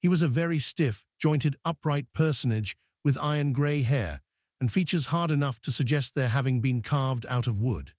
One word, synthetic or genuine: synthetic